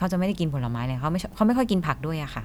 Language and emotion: Thai, neutral